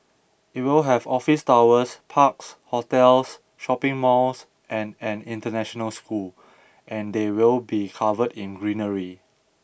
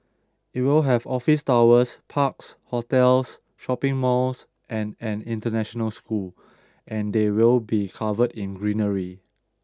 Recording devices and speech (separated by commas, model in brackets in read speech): boundary microphone (BM630), standing microphone (AKG C214), read sentence